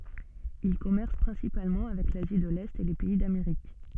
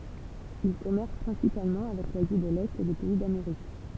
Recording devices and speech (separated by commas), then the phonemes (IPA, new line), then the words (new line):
soft in-ear microphone, temple vibration pickup, read sentence
il kɔmɛʁs pʁɛ̃sipalmɑ̃ avɛk lazi də lɛt e le pɛi dameʁik
Ils commercent principalement avec l’Asie de l'Est et les pays d’Amérique.